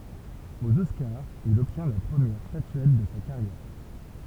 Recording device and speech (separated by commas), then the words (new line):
temple vibration pickup, read sentence
Aux Oscars, il obtient la première statuette de sa carrière.